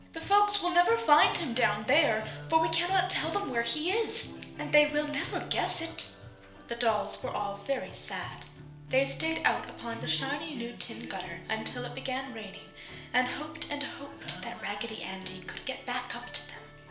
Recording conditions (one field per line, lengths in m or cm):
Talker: one person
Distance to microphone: 1.0 m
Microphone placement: close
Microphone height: 1.1 m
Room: small (3.7 m by 2.7 m)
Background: music